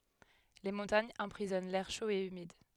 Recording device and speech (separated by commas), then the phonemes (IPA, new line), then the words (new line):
headset microphone, read sentence
le mɔ̃taɲz ɑ̃pʁizɔn lɛʁ ʃo e ymid
Les montagnes emprisonnent l'air chaud et humide.